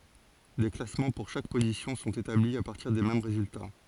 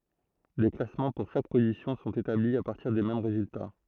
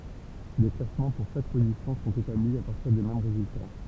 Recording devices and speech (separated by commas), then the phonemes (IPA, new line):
forehead accelerometer, throat microphone, temple vibration pickup, read sentence
de klasmɑ̃ puʁ ʃak pozisjɔ̃ sɔ̃t etabli a paʁtiʁ de mɛm ʁezylta